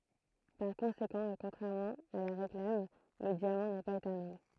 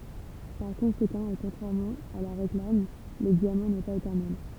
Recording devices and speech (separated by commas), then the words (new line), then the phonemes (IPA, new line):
throat microphone, temple vibration pickup, read sentence
Par conséquent et contrairement à la réclame, le diamant n'est pas éternel.
paʁ kɔ̃sekɑ̃ e kɔ̃tʁɛʁmɑ̃ a la ʁeklam lə djamɑ̃ nɛ paz etɛʁnɛl